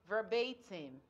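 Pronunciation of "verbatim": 'Verbatim' is pronounced correctly here.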